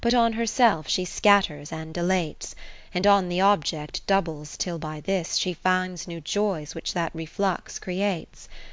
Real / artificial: real